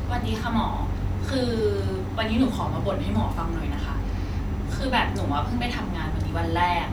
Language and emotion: Thai, frustrated